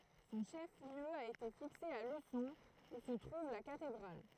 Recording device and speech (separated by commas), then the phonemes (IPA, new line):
throat microphone, read sentence
sɔ̃ ʃɛf ljø a ete fikse a lysɔ̃ u sə tʁuv la katedʁal